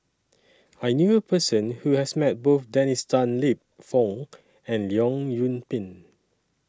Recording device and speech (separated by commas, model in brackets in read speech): standing microphone (AKG C214), read sentence